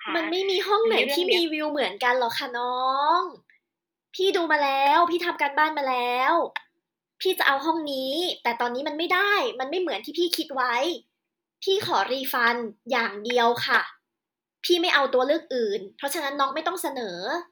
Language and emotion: Thai, frustrated